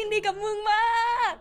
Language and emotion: Thai, happy